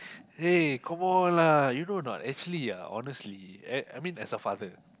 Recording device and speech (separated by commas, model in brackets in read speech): close-talking microphone, conversation in the same room